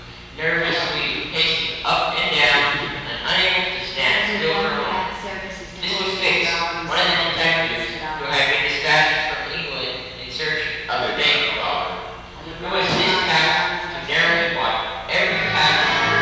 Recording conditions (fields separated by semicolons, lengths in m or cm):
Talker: one person; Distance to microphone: 7.1 m; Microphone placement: far; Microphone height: 1.7 m; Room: very reverberant, large; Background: television